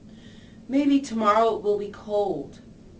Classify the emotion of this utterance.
neutral